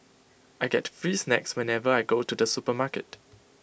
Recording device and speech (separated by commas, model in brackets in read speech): boundary microphone (BM630), read sentence